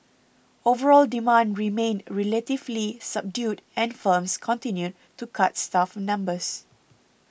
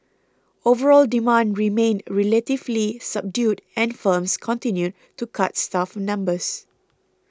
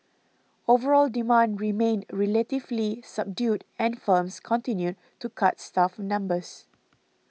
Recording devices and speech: boundary microphone (BM630), close-talking microphone (WH20), mobile phone (iPhone 6), read sentence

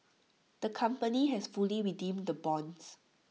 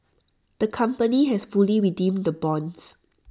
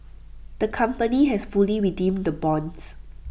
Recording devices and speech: mobile phone (iPhone 6), standing microphone (AKG C214), boundary microphone (BM630), read sentence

